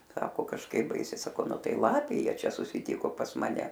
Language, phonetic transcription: Lithuanian, ˈsako kažˈkaip ˈbaisiai saˈkau ˈnu ˈtai ˈlapė ˈjie ˈčia susiˈtiko pas maˈne

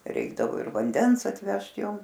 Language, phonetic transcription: Lithuanian, ˈreikdavo ir vanˈdens atˈvežt ˈjom

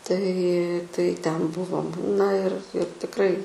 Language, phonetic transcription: Lithuanian, tai tai ˈten ˈbuvom na ir ir tikˈrai

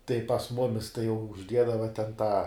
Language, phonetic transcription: Lithuanian, tai pas ˈmumis tai jau užˈdiedava ten tą

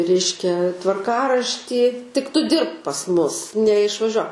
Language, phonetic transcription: Lithuanian, ˈreiškia tvarˈkaraštį tik ˈtu ˈdirbk pas ˈmus neišvaˈžiuo

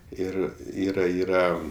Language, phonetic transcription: Lithuanian, ˈir ˈyra ˈyra

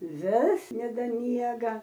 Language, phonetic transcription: Lithuanian, ˈvis nedaˈmiega

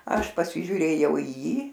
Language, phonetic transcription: Lithuanian, ˈaš pasižiūˈrėjau į ˈjį

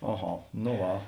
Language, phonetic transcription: Lithuanian, aˈha no ˈva

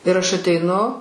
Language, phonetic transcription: Lithuanian, ir aš ateiˈnu

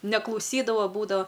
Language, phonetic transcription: Lithuanian, neklauˈsydava ˈbūdava

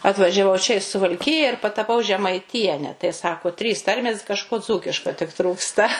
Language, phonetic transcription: Lithuanian, atvažiaˈvau čia i suvalˈkija ir pataˈpau žemaiˈtiene tai ˈsako trys ˈtarmės kažˈko ˈdzūkiška tik ˈtrūksta

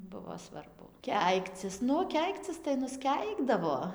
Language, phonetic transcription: Lithuanian, ˈbuvo svarˈbu ˈkeikcis ˈnu ˈkeikcis tai nusˈkeikdavo

